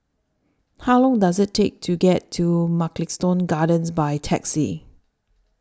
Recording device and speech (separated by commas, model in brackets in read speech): standing microphone (AKG C214), read sentence